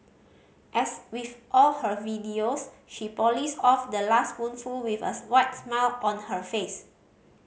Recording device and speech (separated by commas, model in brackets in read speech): mobile phone (Samsung C5010), read sentence